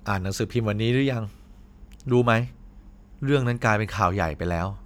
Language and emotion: Thai, frustrated